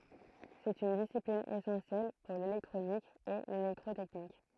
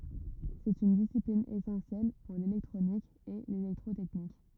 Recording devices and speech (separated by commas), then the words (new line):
throat microphone, rigid in-ear microphone, read sentence
C'est une discipline essentielle pour l'électronique et l'électrotechnique.